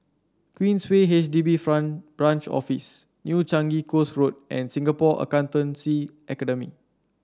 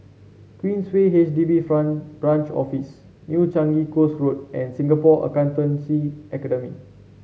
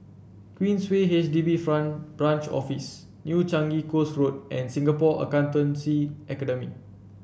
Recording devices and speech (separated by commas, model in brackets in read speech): standing microphone (AKG C214), mobile phone (Samsung C7), boundary microphone (BM630), read sentence